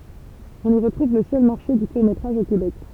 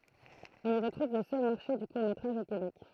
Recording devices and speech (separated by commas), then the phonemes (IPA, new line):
temple vibration pickup, throat microphone, read sentence
ɔ̃n i ʁətʁuv lə sœl maʁʃe dy kuʁ metʁaʒ o kebɛk